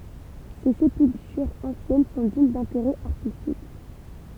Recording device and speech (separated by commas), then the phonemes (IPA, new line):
temple vibration pickup, read sentence
se sepyltyʁz ɑ̃sjɛn sɔ̃ diɲ dɛ̃teʁɛ aʁtistik